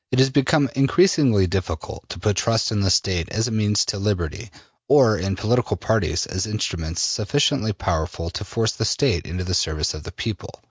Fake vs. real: real